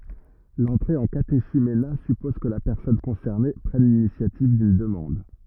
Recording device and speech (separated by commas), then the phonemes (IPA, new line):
rigid in-ear microphone, read sentence
lɑ̃tʁe ɑ̃ kateʃymena sypɔz kə la pɛʁsɔn kɔ̃sɛʁne pʁɛn linisjativ dyn dəmɑ̃d